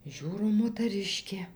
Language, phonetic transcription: Lithuanian, ˈžiūro motaˈriškė

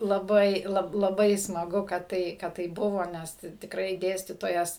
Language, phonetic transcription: Lithuanian, laˈbai ˈlab laˈbai smaˈgu kad ˈtai kad ˈtai ˈbuvo ˈnes t tikˈrai ˈdėstytojas

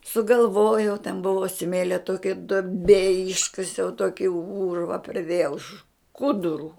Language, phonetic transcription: Lithuanian, sugalˈvojau ten ˈbuvo ˈsmėlio ˈtokia duoˈbė ˈiškasiau ˈtoki ˈūrva priˈdėjau ˈškuduru

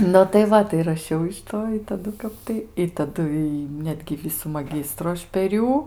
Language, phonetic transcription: Lithuanian, nu tai ˈva tai raˈšiau iš ˈto i taˈdu ˈkap tai i taˈdu y ˈnetgi ˈvisų maˈgistru ˈaš per ˈjų

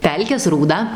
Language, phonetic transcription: Lithuanian, ˈpelkės rūˈda

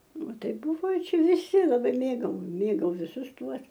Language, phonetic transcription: Lithuanian, ˈtai ˈbuvai ˈčia viˈsi laˈbai ˈmėgau ˈmėgau viˈsus ˈtuos

